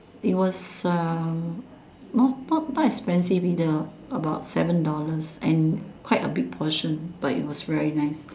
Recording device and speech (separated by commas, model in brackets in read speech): standing microphone, conversation in separate rooms